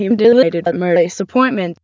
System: TTS, waveform concatenation